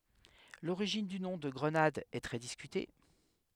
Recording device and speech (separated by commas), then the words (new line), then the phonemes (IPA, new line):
headset microphone, read sentence
L'origine du nom de Grenade est très discutée.
loʁiʒin dy nɔ̃ də ɡʁənad ɛ tʁɛ diskyte